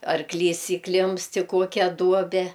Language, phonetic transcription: Lithuanian, arˈklys įˈklimpst i ˈkokia ˈduobe

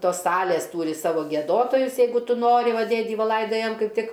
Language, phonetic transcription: Lithuanian, ˈtos ˈsalės ˈtūri ˈsavo gieˈdotojus ˈjeigu ˈtu ˈnori ˈva ˈdėdį ˈva ˈlaidajam ˈkaip ˈtik

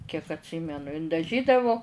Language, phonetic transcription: Lithuanian, kiek atˈsymenu in daˈžydavo

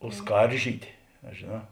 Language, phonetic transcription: Lithuanian, o ˈskaržytė a žėˈnā

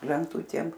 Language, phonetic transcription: Lithuanian, lenˈtutėm

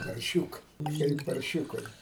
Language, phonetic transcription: Lithuanian, parˈšiūkɜ kaip parˈšiūkai

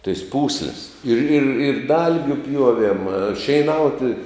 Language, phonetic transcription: Lithuanian, tais ˈpūslis ir ir ir ˈdalgiu ˈpjuoviem šeiˈnauti

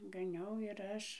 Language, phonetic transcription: Lithuanian, gaˈniau ir ˈaš

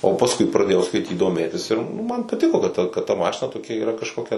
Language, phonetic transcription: Lithuanian, o pasˈkui praˈdėjau skaiˈtyt doˈmėtis ir ˈnu ˈman paˈtiko kad ˈta kad ta ˈmašina toˈkia yˈra kažˈkokia

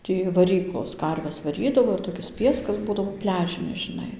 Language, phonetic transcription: Lithuanian, ˈtį vaˈryklos ˈkarves vaˈrydavo ir toˈkis ˈpieskas ˈbūdavo ˈpliažinis žiˈnai

